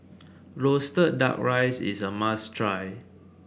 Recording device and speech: boundary microphone (BM630), read sentence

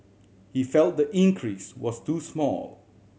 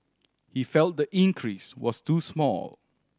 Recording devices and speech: mobile phone (Samsung C7100), standing microphone (AKG C214), read sentence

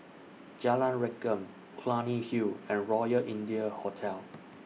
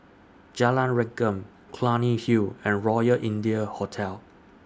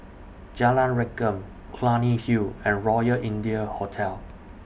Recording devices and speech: mobile phone (iPhone 6), standing microphone (AKG C214), boundary microphone (BM630), read sentence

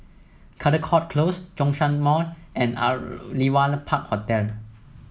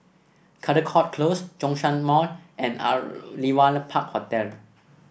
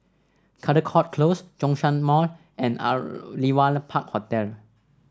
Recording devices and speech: mobile phone (iPhone 7), boundary microphone (BM630), standing microphone (AKG C214), read sentence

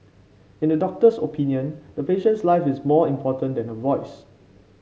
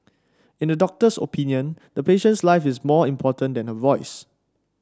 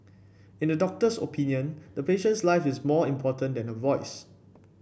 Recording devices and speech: mobile phone (Samsung C5), standing microphone (AKG C214), boundary microphone (BM630), read sentence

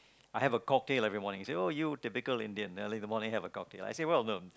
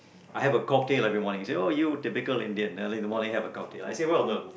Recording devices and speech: close-talking microphone, boundary microphone, conversation in the same room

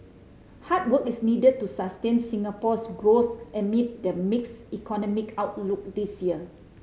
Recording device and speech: mobile phone (Samsung C5010), read sentence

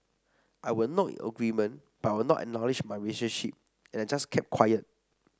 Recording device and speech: standing microphone (AKG C214), read sentence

